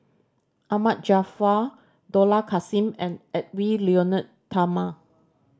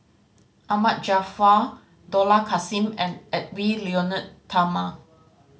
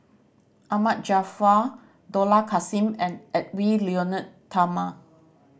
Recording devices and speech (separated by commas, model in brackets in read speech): standing microphone (AKG C214), mobile phone (Samsung C5010), boundary microphone (BM630), read sentence